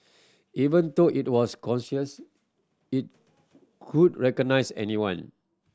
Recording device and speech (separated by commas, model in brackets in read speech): standing microphone (AKG C214), read sentence